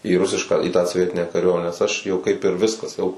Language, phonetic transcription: Lithuanian, į ˈrusišką į tą soˈvietinę kaˈriuomenę nes ˈaš jau kaip ir ˈviskas jau

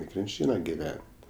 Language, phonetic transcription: Lithuanian, i krinˈčyna giˈven't'

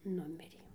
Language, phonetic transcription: Lithuanian, ˈnumirė

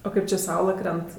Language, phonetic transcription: Lithuanian, o ˈkaip či ˈsaula ˈkrent

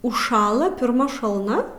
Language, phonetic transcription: Lithuanian, užˈšąla pirˈma šalˈna

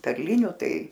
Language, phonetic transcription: Lithuanian, perˈliniu ˈtai

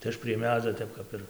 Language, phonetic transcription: Lithuanian, tai ˈaš prie ˈmedzio ˈtep kap ir

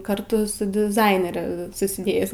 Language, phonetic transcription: Lithuanian, karˈtu su diˈzainere susiˈdėjis

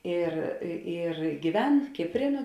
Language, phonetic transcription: Lithuanian, ir i ir gyˈven ˈkipˌrė nuo

